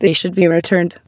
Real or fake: fake